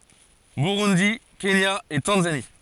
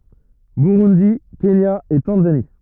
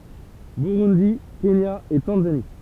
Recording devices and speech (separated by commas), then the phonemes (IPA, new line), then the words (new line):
forehead accelerometer, rigid in-ear microphone, temple vibration pickup, read sentence
buʁundi kenja e tɑ̃zani
Burundi, Kenya et Tanzanie.